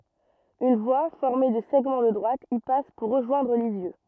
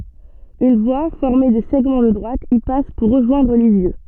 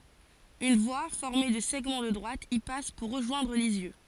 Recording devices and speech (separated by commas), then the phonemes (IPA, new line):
rigid in-ear microphone, soft in-ear microphone, forehead accelerometer, read sentence
yn vwa fɔʁme də sɛɡmɑ̃ də dʁwat i pas puʁ ʁəʒwɛ̃dʁ lizjø